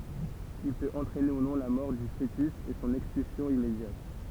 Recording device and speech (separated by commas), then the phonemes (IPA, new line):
temple vibration pickup, read sentence
il pøt ɑ̃tʁɛne u nɔ̃ la mɔʁ dy foətys e sɔ̃n ɛkspylsjɔ̃ immedjat